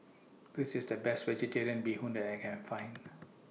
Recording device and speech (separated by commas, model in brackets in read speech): mobile phone (iPhone 6), read sentence